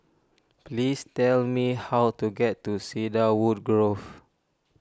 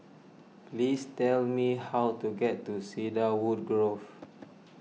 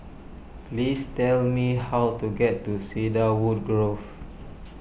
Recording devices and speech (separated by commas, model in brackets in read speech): standing microphone (AKG C214), mobile phone (iPhone 6), boundary microphone (BM630), read sentence